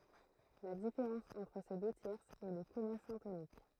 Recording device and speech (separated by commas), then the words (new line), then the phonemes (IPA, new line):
throat microphone, read sentence
La différence entre ces deux tierces est le comma syntonique.
la difeʁɑ̃s ɑ̃tʁ se dø tjɛʁsz ɛ lə kɔma sɛ̃tonik